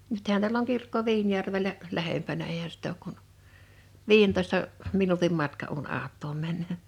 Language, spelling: Finnish, nythän täällä on kirkko Viinijärvellä lähempänä eihän sitä ole kuin viidentoista minuutin matka kun autoon menee
- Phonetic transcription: 'nythän tiäl ‿oŋ 'kirkko 'Viinjärvelä , 'lähempänä eihä sit ‿ook kun , "vii₍entoista , 'minutim 'matka [k]un 'aat̆toom mä(nnöö) .

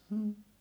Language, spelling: Finnish, mm
- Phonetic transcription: hm̥ .

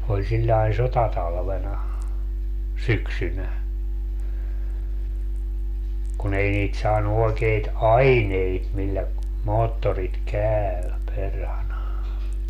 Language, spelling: Finnish, oli sillä lailla sotatalvena syksynä kun ei niitä saanut oikeita aineita millä moottorit käy perhana
- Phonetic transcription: oĺ siĺĺai "sotatalvena , -"syksynä , kun ‿ei niit 'saanu oekeit "aineit millä , 'moottorit "kääɔ̈̀ , 'perhana .

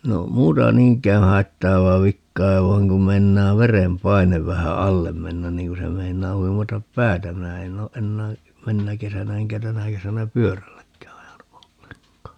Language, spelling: Finnish, no muuta niinkään haittaavaa vikaa vaan kun meinaa verenpaine vähän alle mennä niin kun se meinaa huimata päätä minä en ole enää menneenä kesänä enkä tänä kesänä pyörälläkään ajanut ollenkaan
- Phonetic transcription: 'no , 'muuta "niiŋk̀ää 'haittaavaa 'vikkaa 'vai̮ŋ kum 'mein̆naa "verem"painev 'vähä "allem mennän 'niiŋ ku se 'meiǹaa 'huimatap "päätä - 'minä en oo 'ʼennää , "mennä 'kesänä 'eŋkä "tänä 'kesänä "pyörälläkkää 'ajanu 'olleŋk̀aa .

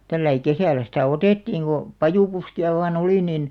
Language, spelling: Finnish, tällä lailla kesällä sitä otettiin kun pajupuskia vain oli niin
- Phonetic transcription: tälläi 'kesä̀l̆lä sitä̀ "otèttiiŋ ɢo , "pajùpuski₍a vaa"n ‿olì 'nin ,.

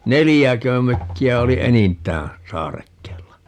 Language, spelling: Finnish, neljäkö mökkiä oli enintään saarekkeella
- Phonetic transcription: "nelijäkö 'mökki₍ä oli "enint̀ää , 'saarekkeella .

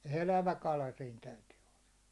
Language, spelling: Finnish, elävä kala siinä täytyy olla
- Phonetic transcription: 'elävä 'kala siin 'täytyy olla .

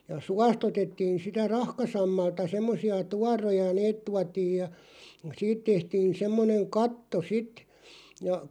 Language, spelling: Finnish, ja suosta otettiin sitä rahkasammalta semmoisia tuoroja ne tuotiin ja siitä tehtiin semmoinen katto sitten ja
- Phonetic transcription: ja "suas't ‿otettiin sitä "rahka'sammalta semmosi₍a "tuaroja 'neet tuatiij ja , 'siit tehtiin 'semmoneŋ "katto 'sit , ja ,.

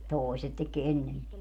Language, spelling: Finnish, toiset teki ennemmin
- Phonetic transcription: "tòeset tek 'ennemmi .

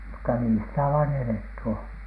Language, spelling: Finnish, mutta niin sitä vain eletty on
- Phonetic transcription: mutta nii sitä vaan "eletty oN .

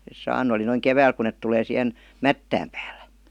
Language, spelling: Finnish, ne saanut oli noin keväällä kun ne tulee siihen mättään päälle
- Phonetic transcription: [N]es 'saanu oli noiŋ "kevääl kun̆ net 'tulee sihen , "mättääm pÄÄLLÄ .

